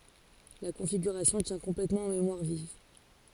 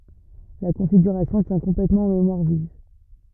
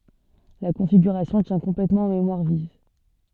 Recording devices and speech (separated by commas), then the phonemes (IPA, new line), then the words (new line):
forehead accelerometer, rigid in-ear microphone, soft in-ear microphone, read sentence
la kɔ̃fiɡyʁasjɔ̃ tjɛ̃ kɔ̃plɛtmɑ̃ ɑ̃ memwaʁ viv
La configuration tient complètement en mémoire vive.